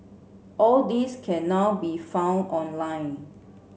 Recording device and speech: mobile phone (Samsung C7), read sentence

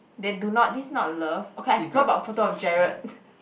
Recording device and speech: boundary microphone, conversation in the same room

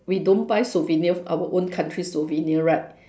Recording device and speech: standing microphone, conversation in separate rooms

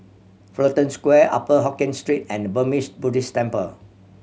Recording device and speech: mobile phone (Samsung C7100), read sentence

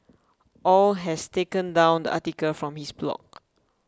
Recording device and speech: close-talking microphone (WH20), read sentence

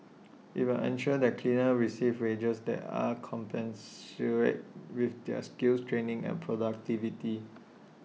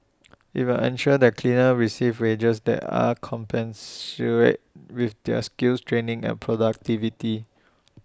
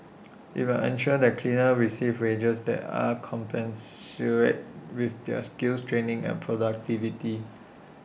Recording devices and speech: mobile phone (iPhone 6), standing microphone (AKG C214), boundary microphone (BM630), read sentence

